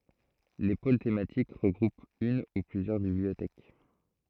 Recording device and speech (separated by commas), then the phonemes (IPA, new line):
throat microphone, read sentence
le pol tematik ʁəɡʁupt yn u plyzjœʁ bibliotɛk